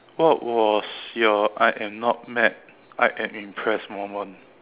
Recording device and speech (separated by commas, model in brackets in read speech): telephone, conversation in separate rooms